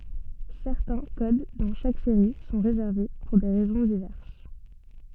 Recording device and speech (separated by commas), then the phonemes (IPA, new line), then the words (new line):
soft in-ear microphone, read sentence
sɛʁtɛ̃ kod dɑ̃ ʃak seʁi sɔ̃ ʁezɛʁve puʁ de ʁɛzɔ̃ divɛʁs
Certains codes dans chaque série sont réservés, pour des raisons diverses.